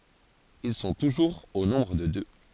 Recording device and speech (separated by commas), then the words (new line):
forehead accelerometer, read sentence
Ils sont toujours au nombre de deux.